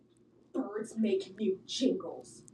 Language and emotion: English, angry